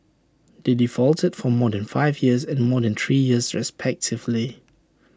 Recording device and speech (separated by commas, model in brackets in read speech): standing microphone (AKG C214), read sentence